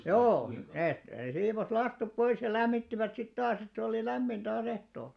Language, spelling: Finnish, joo ne ne siivosi lastut pois ja lämmittivät sitten taas että oli lämmin taas ehtoolla
- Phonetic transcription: joo , nèt 'nee 'siivos "lastup 'pois ja "lämmittivät sit 'taas ‿ett ‿olì "lämmin taa's ‿ehtoolᴀ .

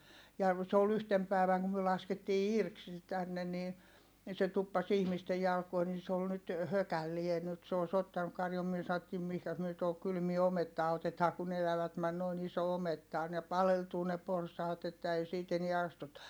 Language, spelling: Finnish, ja se oli yhtenä päivänä kun me laskettiin irti se tänne niin niin se tuppasi ihmisten jalkoihin niin se oli nyt hökällään nyt se olisi ottanut karjun me sanottiin mihinkäs me tuohon kylmään omettaan otetaan kun elävät meni noin iso ometta on ne paleltuu ne porsaat että ei siitä enää astuta
- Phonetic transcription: ja , se ol ‿yhtem pä̀i̮väŋ kum myö laskettii irk se tänne ni , ni se tuppas ‿ihmiste jalkoi ni se ‿ol nyt , hökällie nyt se òi̮s ‿ottanuk karjum myö saottiim mihkäs myö tohok kylmie omettaa otetaa kun ‿elävät män - noin ‿iso ometta on - ne paleltuu ne porsaat ‿että ei siit enie astuta .

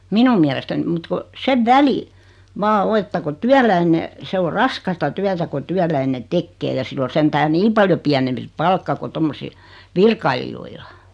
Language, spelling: Finnish, minun mielestäni mutta kun sen välin vain on että kun työläinen se on raskasta työtä kun työläinen tekee ja sillä on sentään niin paljon pienempi se palkka kuin - virkailijoilla
- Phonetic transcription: 'minum miälestän(im) mut ku , 'sev "väli , 'vaa 'o että ko "tyäläine , 'se o "raskasta "tyätä ko 'tyäläine "tekkee ja 'sill ‿o 'sentää "ni paljo 'piänempi (se) "palkka ko 'tommosi- , 'virkailijoila .

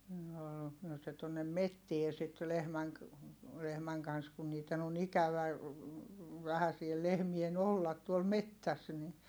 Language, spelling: Finnish, ne oli no se tuonne metsään sitten lehmän - lehmän kanssa kun niiden on ikävä vähän siellä lehmien olla tuolla metsässä niin
- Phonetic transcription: ne ol , noo se tuonnem mettie sit lehmäŋ ‿k- , lehmäŋ kans kun niit̆ten ‿on ‿ikävä , vähä siel lehmien ‿ollat tuol mettäs ni ,.

